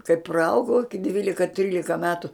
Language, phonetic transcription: Lithuanian, kai praˈaugau iki ˈdvylika ˈtrylika ˈmetu

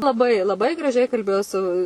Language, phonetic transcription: Lithuanian, laˈbai laˈbai graˈžiai kalˈbėjo su

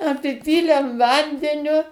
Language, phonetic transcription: Lithuanian, apiˈpylem ˈvandeniu

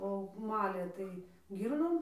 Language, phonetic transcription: Lithuanian, o ˈmalė ˈtai ˈgyrnom

